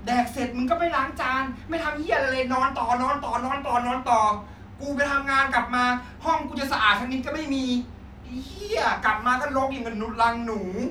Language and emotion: Thai, angry